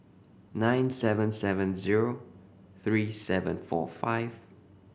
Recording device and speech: boundary microphone (BM630), read sentence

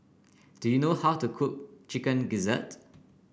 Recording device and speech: boundary microphone (BM630), read sentence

